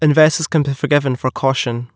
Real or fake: real